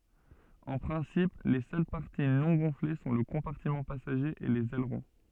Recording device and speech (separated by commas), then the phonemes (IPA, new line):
soft in-ear microphone, read sentence
ɑ̃ pʁɛ̃sip le sœl paʁti nɔ̃ ɡɔ̃fle sɔ̃ lə kɔ̃paʁtimɑ̃ pasaʒe e lez ɛlʁɔ̃